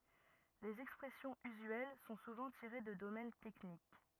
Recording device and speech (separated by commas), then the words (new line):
rigid in-ear microphone, read sentence
Les expressions usuelles sont souvent tirées de domaines techniques.